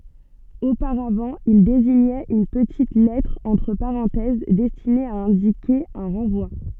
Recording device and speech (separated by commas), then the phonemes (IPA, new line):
soft in-ear microphone, read sentence
opaʁavɑ̃ il deziɲɛt yn pətit lɛtʁ ɑ̃tʁ paʁɑ̃tɛz dɛstine a ɛ̃dike œ̃ ʁɑ̃vwa